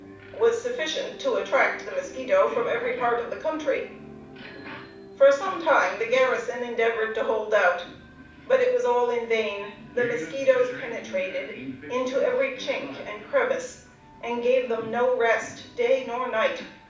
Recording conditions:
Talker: one person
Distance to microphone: 5.8 m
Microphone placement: far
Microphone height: 1.8 m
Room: medium-sized (5.7 m by 4.0 m)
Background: television

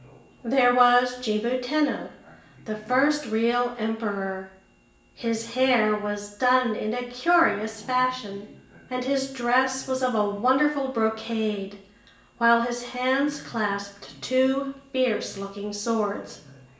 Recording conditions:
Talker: one person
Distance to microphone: 1.8 m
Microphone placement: close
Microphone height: 1.0 m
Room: large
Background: television

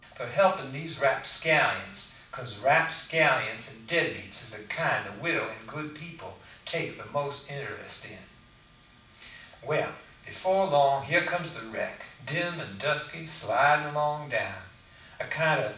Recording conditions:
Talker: one person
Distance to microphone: 5.8 m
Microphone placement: far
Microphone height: 1.8 m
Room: medium-sized (5.7 m by 4.0 m)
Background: none

